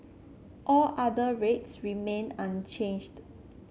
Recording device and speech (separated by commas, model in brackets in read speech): mobile phone (Samsung C7), read sentence